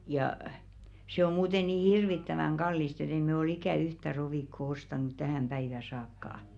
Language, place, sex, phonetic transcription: Finnish, Velkua, female, jà , se om muute nii "hirvittäväŋ 'ɢallist ‿et ‿ei mɛ o'l ‿ikä̀ "yhtä 'rovìkko ostànut 'tähä̀m päivä saakkà .
- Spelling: ja se on muuten niin hirvittävän kallista että ei me ole ikään yhtä rovikkoa ostanut tähän päivään saakka

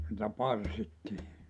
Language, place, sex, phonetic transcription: Finnish, Joutsa, male, (si)tä 'parsittii .
- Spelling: sitä parsittiin

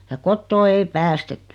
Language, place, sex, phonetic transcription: Finnish, Noormarkku, female, ja "kottoo ei "päästet(ttʏ) .
- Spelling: ja kotoa ei päästetty

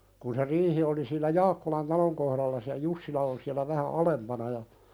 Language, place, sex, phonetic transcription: Finnish, Pälkäne, male, kun se 'riihi oli si(e)llä "Jaakkolan 'taloŋ kohðallas- ja "Jussila on siälä 'vähä "alempana ja ,.
- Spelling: kun se riihi oli siellä Jaakkolan talon kohdalla ja Jussila on siellä vähän alempana ja

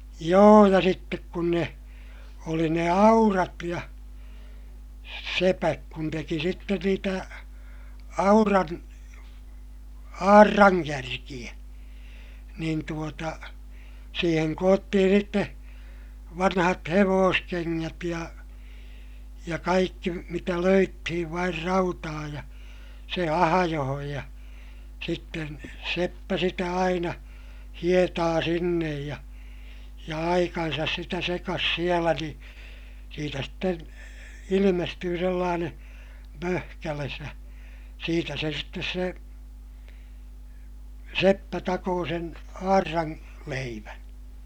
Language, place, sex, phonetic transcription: Finnish, Ilmajoki, male, joo ja sittek kun ne , oli ne aurat ja , sepäk kun teki sitten niitä , auran , aarraŋkärkiʲä , niin tuota , siiheŋ koottihin̬ sitte , vanhat hevooskeŋŋät ja , ja kaikki , mitä löyttihiv vair rautaa ja , se ahajohoj ja , sitten , seppä sitä aina , hietaa sinnej ja , ja aikansas sitä sekas sielä ni , siitä sten , ilimestyy sellaaneè , möhkäles ja , siitä se sittes se , seppä takoo sen , aarraŋ- , -leivän .
- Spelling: joo ja sitten kun ne oli ne aurat ja sepät kun teki sitten niitä auran aurankärkiä niin tuota siihen koottiin sitten vanhat hevoskengät ja ja kaikki mitä löydettiin vain rautaa ja se ahjoon ja sitten seppä sitä aina hietaa sinne ja ja aikansa sitä sekasi siellä niin siitä sitten ilmestyi sellainen möhkäle ja siitä se sitten se seppä takoi sen auran leivän

